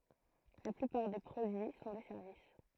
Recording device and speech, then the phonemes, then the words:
throat microphone, read sentence
la plypaʁ de pʁodyi sɔ̃ de sɛʁvis
La plupart des produits sont des services.

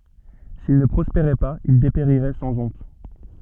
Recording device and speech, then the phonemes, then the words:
soft in-ear microphone, read sentence
sil nə pʁɔspeʁɛ paz il depeʁiʁɛ sɑ̃ ɔ̃t
S'il ne prospérait pas il dépérirait sans honte.

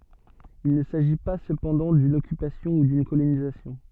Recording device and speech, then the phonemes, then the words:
soft in-ear microphone, read sentence
il nə saʒi pa səpɑ̃dɑ̃ dyn ɔkypasjɔ̃ u dyn kolonizasjɔ̃
Il ne s'agit pas cependant d'une occupation ou d'une colonisation.

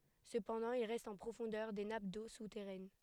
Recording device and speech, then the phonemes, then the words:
headset microphone, read sentence
səpɑ̃dɑ̃ il ʁɛst ɑ̃ pʁofɔ̃dœʁ de nap do sutɛʁɛn
Cependant, il reste en profondeur des nappes d'eau souterraine.

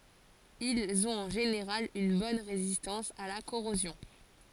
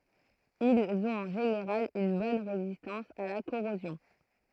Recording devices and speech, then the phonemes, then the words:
forehead accelerometer, throat microphone, read sentence
ilz ɔ̃t ɑ̃ ʒeneʁal yn bɔn ʁezistɑ̃s a la koʁozjɔ̃
Ils ont en général une bonne résistance à la corrosion.

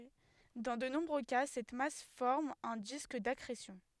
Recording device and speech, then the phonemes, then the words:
headset microphone, read sentence
dɑ̃ də nɔ̃bʁø ka sɛt mas fɔʁm œ̃ disk dakʁesjɔ̃
Dans de nombreux cas, cette masse forme un disque d'accrétion.

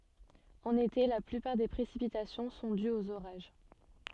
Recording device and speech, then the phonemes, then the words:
soft in-ear microphone, read sentence
ɑ̃n ete la plypaʁ de pʁesipitasjɔ̃ sɔ̃ dyz oz oʁaʒ
En été, la plupart des précipitations sont dues aux orages.

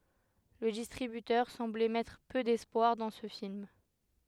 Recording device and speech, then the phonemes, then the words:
headset microphone, read sentence
lə distʁibytœʁ sɑ̃blɛ mɛtʁ pø dɛspwaʁ dɑ̃ sə film
Le distributeur semblait mettre peu d'espoir dans ce film.

